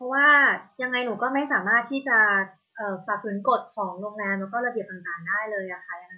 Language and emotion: Thai, frustrated